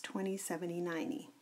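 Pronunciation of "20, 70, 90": In 'twenty', 'seventy' and 'ninety', said quickly, the t after the n is dropped altogether.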